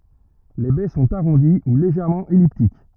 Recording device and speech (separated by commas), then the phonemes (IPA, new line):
rigid in-ear microphone, read sentence
le bɛ sɔ̃t aʁɔ̃di u leʒɛʁmɑ̃ ɛliptik